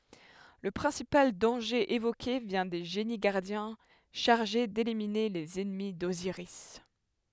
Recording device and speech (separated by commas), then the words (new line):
headset microphone, read sentence
Le principal danger évoqué vient des génies-gardiens chargés d'éliminer les ennemis d'Osiris.